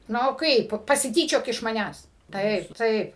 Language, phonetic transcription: Lithuanian, ˈnu ˈkaip pasiˈtyčiok iš maˈnęs ˈtaip ˈtaip

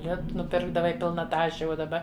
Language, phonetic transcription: Lithuanian, ˈlitu nuˈpirkdavai ˈpilna ˈtaše uo daˈba

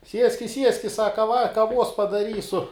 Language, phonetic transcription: Lithuanian, ˈsieskis ˈsieskis ˈsaka va kaˈvuos padaˈrysu

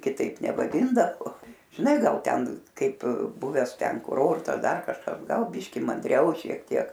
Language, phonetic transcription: Lithuanian, kiˈtaip nevaˈdindavo žiˈnai ˈgal ˈten ˈkaip ˈbuvęs ˈten kuˈrortas ˈdar kažˈkas ˈgal ˈbyški mandˈriau šiek ˈtiek

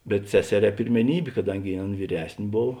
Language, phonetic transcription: Lithuanian, bet ˈseseˌrē pirmeˈnybė kaˈdangi ˈaˌn vyˈres'n' ˈbov

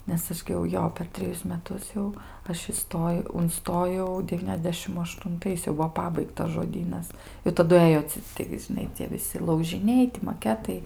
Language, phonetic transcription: Lithuanian, nes ˈaš gi jau ˈjo per treˈjus meˈtus jau ˈaš iˈstojau unˈstojau deˈvyniasdešim aštunˈtais jau ˈbuvo ˈpabaigtas žoˈdynas i taˈdu ˈɘjo ci ˈtaigi žiˈnai cie viˈsi laužiˈniai ti maˈketai

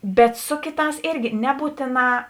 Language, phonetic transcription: Lithuanian, bet ˈsu kėˌtās ˈirgi ˈnebūtėˌnā

